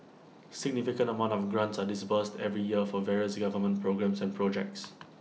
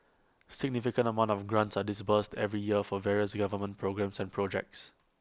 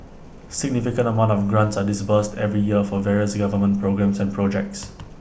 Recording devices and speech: mobile phone (iPhone 6), close-talking microphone (WH20), boundary microphone (BM630), read sentence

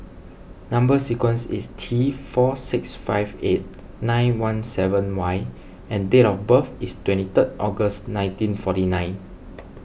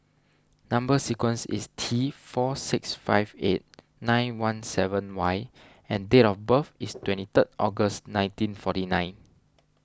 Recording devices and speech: boundary microphone (BM630), standing microphone (AKG C214), read sentence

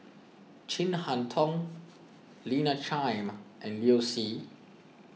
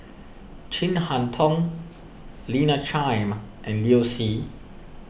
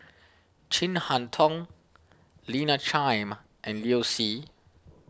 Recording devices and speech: mobile phone (iPhone 6), boundary microphone (BM630), standing microphone (AKG C214), read sentence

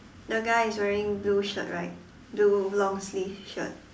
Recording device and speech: standing microphone, conversation in separate rooms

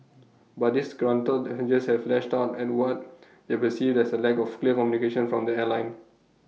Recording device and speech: mobile phone (iPhone 6), read sentence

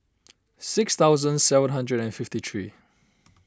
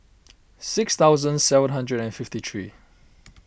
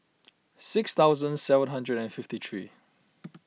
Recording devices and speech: standing microphone (AKG C214), boundary microphone (BM630), mobile phone (iPhone 6), read sentence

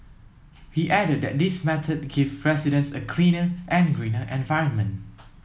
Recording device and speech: mobile phone (iPhone 7), read sentence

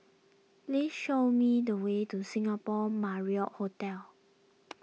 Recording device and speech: mobile phone (iPhone 6), read sentence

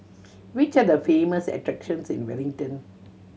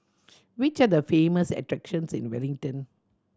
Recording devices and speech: mobile phone (Samsung C7100), standing microphone (AKG C214), read sentence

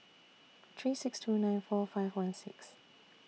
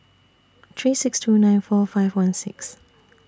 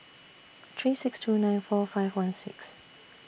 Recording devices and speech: mobile phone (iPhone 6), standing microphone (AKG C214), boundary microphone (BM630), read sentence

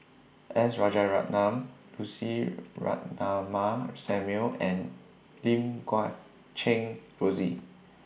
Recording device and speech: boundary microphone (BM630), read sentence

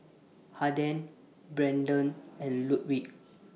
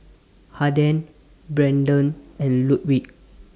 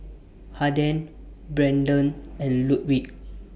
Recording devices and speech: mobile phone (iPhone 6), standing microphone (AKG C214), boundary microphone (BM630), read sentence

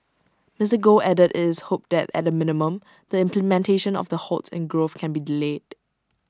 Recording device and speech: standing microphone (AKG C214), read sentence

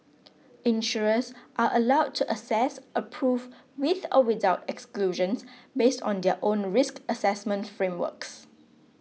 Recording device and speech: mobile phone (iPhone 6), read sentence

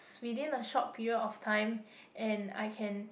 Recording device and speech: boundary microphone, conversation in the same room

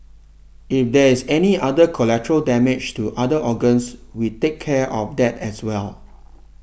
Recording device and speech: boundary microphone (BM630), read sentence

